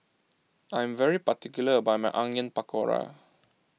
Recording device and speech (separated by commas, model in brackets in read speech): mobile phone (iPhone 6), read sentence